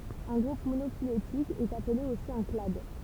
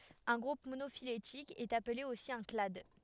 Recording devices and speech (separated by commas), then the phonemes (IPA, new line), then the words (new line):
temple vibration pickup, headset microphone, read sentence
œ̃ ɡʁup monofiletik ɛt aple osi œ̃ klad
Un groupe monophylétique est appelé aussi un clade.